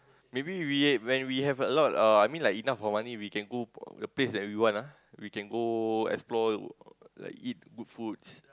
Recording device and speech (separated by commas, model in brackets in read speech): close-talking microphone, conversation in the same room